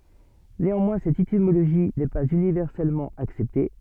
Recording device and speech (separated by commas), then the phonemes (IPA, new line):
soft in-ear microphone, read sentence
neɑ̃mwɛ̃ sɛt etimoloʒi nɛ paz ynivɛʁsɛlmɑ̃ aksɛpte